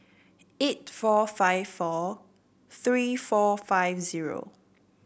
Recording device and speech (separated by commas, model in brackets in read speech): boundary microphone (BM630), read sentence